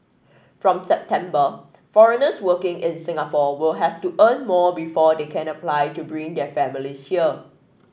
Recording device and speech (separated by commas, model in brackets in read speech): boundary microphone (BM630), read sentence